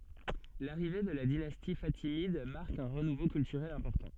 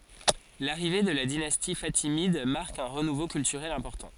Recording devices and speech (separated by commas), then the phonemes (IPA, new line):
soft in-ear microphone, forehead accelerometer, read sentence
laʁive də la dinasti fatimid maʁk œ̃ ʁənuvo kyltyʁɛl ɛ̃pɔʁtɑ̃